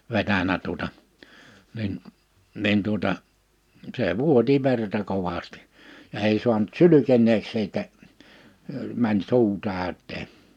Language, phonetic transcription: Finnish, 'vetänä tuᵒta , nin , 'nin tuota , 'see "vuoti 'verta 'kovastɪ , ja 'ei suanᵁt "sylyken̆neeks siitä , mäń "su̬u 'tä̀öt̆teen .
- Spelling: vetänyt tuota niin niin tuota se vuoti verta kovasti ja ei saanut sylkeneeksi siitä meni suu täyteen

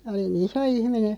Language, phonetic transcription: Finnish, 'oli"n ‿iso 'ihmine ,.
- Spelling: olin iso ihminen

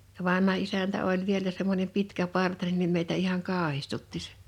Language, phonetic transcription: Finnish, ja 'vanha isäntä oĺ vielä semmońem 'pitkä'partanen nim meitä ihaŋ "kaahistutti sᴇ .
- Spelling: ja vanha isäntä oli vielä semmoinen pitkäpartainen niin meitä ihan kauhistutti se

